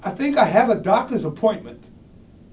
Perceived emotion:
neutral